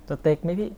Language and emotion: Thai, neutral